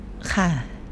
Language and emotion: Thai, neutral